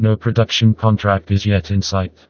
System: TTS, vocoder